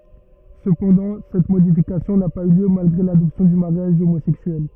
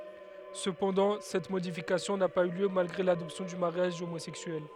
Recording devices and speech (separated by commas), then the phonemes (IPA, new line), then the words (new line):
rigid in-ear microphone, headset microphone, read sentence
səpɑ̃dɑ̃ sɛt modifikasjɔ̃ na paz y ljø malɡʁe ladɔpsjɔ̃ dy maʁjaʒ omozɛksyɛl
Cependant, cette modification n'a pas eu lieu malgré l'adoption du mariage homosexuel.